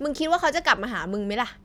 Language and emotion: Thai, frustrated